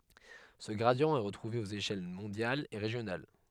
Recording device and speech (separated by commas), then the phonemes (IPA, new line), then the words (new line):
headset microphone, read sentence
sə ɡʁadi ɛ ʁətʁuve oz eʃɛl mɔ̃djalz e ʁeʒjonal
Ce gradient est retrouvé aux échelles mondiales et régionales.